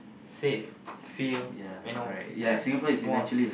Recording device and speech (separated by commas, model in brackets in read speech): boundary microphone, conversation in the same room